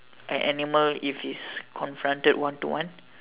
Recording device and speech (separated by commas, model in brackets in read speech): telephone, conversation in separate rooms